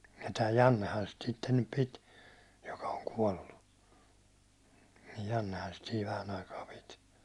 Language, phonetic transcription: Finnish, ja tää 'Jannehan sit sitten nyp 'pit , joka oŋ 'kuållu , 'Jannehan sit siiv 'vähän aikaa 'pit .
- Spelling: ja tämä Jannehan sitä sitten nyt piti joka on kuollut Jannehan sitä siinä vähän aikaa piti

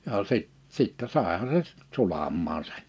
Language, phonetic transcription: Finnish, jaa sit- , 'sittä 'sàeha se , 'sulammaa sᴇ[n] .
- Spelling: ja - sitten saihan se sulamaan sen

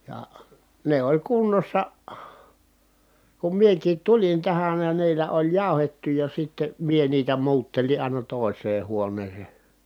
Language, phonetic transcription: Finnish, ja , ne oĺ kunnossa , kum miekiit tulin tähän ja niillä oĺ jàu̬hettu ja sitte , mie niitä muuttelin̬ àina tòi̮s̀ee huoǹeese .
- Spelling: ja ne oli kunnossa kun minäkin tulin tähän ja niillä oli jauhettu ja sitten minä niitä muuttelin aina toiseen huoneeseen

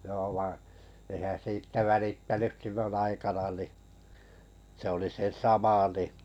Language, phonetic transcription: Finnish, jo vaiḭ , ehän 'siittä 'välittäny(s) 'sillon aikana ni , se oli 'se "sama ni ,.
- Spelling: joo vaan enhän siitä välittänyt silloin aikana niin se oli se sama niin

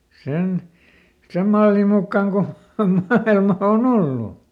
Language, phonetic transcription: Finnish, ˈsen , ˈsem mallim mukkaŋ ko , ˈmailma o"n ‿ollu .
- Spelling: sen sen mallin mukaan kuin maailma on ollut

